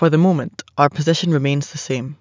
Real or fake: real